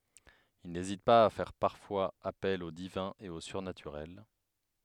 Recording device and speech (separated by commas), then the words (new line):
headset microphone, read sentence
Il n'hésite pas à faire parfois appel au divin et au surnaturel.